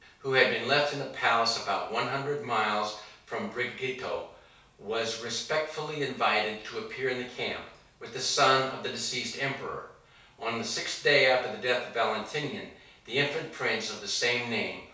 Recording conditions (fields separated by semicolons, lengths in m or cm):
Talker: one person; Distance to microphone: 3.0 m; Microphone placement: far; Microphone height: 1.8 m; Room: small (3.7 m by 2.7 m); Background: none